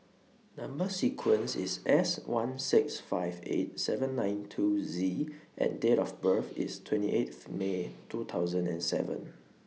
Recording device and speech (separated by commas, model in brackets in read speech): mobile phone (iPhone 6), read sentence